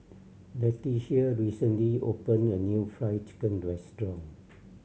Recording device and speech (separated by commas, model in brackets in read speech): mobile phone (Samsung C7100), read sentence